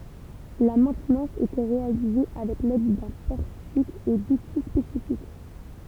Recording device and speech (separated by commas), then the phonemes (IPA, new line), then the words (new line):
temple vibration pickup, read sentence
la mɛ̃tnɑ̃s etɛ ʁealize avɛk lɛd dœ̃ pɔʁtik e duti spesifik
La maintenance était réalisée avec l'aide d'un portique et d'outils spécifiques.